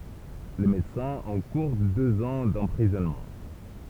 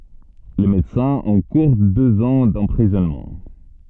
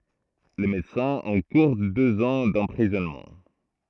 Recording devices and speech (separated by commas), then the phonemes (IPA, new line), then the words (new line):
temple vibration pickup, soft in-ear microphone, throat microphone, read sentence
le medəsɛ̃z ɑ̃kuʁ døz ɑ̃ dɑ̃pʁizɔnmɑ̃
Les médecins encourent deux ans d'emprisonnement.